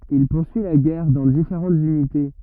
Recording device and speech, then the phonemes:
rigid in-ear microphone, read sentence
il puʁsyi la ɡɛʁ dɑ̃ difeʁɑ̃tz ynite

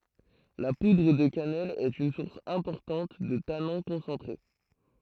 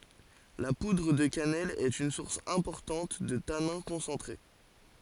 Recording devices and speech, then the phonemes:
throat microphone, forehead accelerometer, read sentence
la pudʁ də kanɛl ɛt yn suʁs ɛ̃pɔʁtɑ̃t də tanɛ̃ kɔ̃sɑ̃tʁe

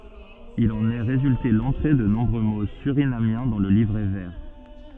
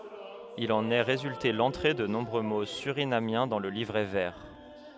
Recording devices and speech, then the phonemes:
soft in-ear microphone, headset microphone, read sentence
il ɑ̃n ɛ ʁezylte lɑ̃tʁe də nɔ̃bʁø mo syʁinamjɛ̃ dɑ̃ lə livʁɛ vɛʁ

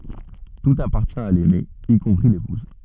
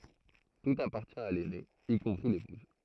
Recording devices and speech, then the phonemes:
soft in-ear microphone, throat microphone, read sentence
tut apaʁtjɛ̃ a lɛne i kɔ̃pʁi lepuz

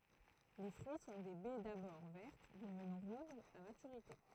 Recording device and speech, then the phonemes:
throat microphone, read sentence
le fʁyi sɔ̃ de bɛ dabɔʁ vɛʁt dəvnɑ̃ ʁuʒz a matyʁite

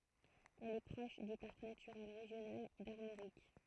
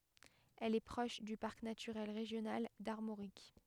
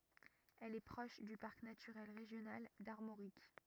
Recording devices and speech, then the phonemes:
throat microphone, headset microphone, rigid in-ear microphone, read sentence
ɛl ɛ pʁɔʃ dy paʁk natyʁɛl ʁeʒjonal daʁmoʁik

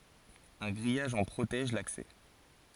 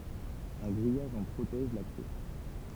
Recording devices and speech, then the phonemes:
forehead accelerometer, temple vibration pickup, read sentence
œ̃ ɡʁijaʒ ɑ̃ pʁotɛʒ laksɛ

